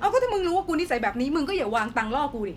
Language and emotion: Thai, angry